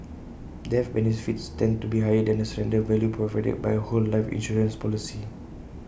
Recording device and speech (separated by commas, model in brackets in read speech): boundary microphone (BM630), read sentence